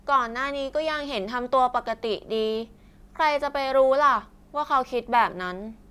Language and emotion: Thai, frustrated